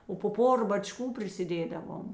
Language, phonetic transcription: Lithuanian, o po ˈpora baˈčkų prisiˈdėdavom

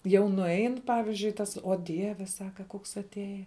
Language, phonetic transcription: Lithuanian, ˈjau nuˈein ˈpavizdžiui ˈtas o ˈdieve ˈsaka ˈkoks atˈėja

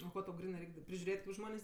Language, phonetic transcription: Lithuanian, o ˈko tau ˈgrinɜ ˈreik' da prižiuˈrėt' kaip ˈžmonės'

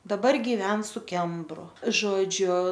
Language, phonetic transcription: Lithuanian, daˈbar giˈven su ˈkembru ˈžodžiu

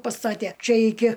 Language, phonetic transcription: Lithuanian, paˈstatė ˈčia ˈiki

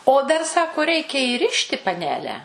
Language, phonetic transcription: Lithuanian, o ˈdar ˈsako ˈreikia įˈrišti paˈnele

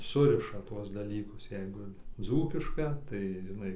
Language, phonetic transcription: Lithuanian, ˈsuriša ˈtuos daˈlykus ˈjeigu ˈdzūkiška tai žiˈnai

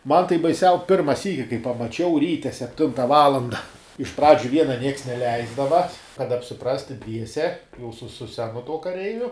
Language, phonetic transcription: Lithuanian, ˈman tai baiˈsiau ˈpirma ˈsyki kai pamaˈčiau ˈryte sepˈtinta ˈvalanda iš ˈpradžiu ˈviena ˈnieks neˈleisdava kad apsiˈprasti ˈdviese jau su su ˈsenu tuo kaˈreiviu

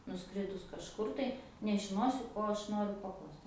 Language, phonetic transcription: Lithuanian, nuˈskridus kažˈkur tai nežiˈnosiu ˈko aš ˈnoriu paˈklaust

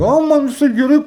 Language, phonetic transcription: Lithuanian, ˈo ˈman viˈsai geˈrɨi

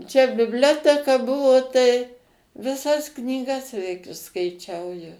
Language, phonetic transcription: Lithuanian, čia bibˈlioteka ˈbuvo tai viˈsas knyˈgas veik išskaiˈčiau jau

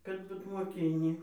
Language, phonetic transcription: Lithuanian, kad ˈbut moˈkinį

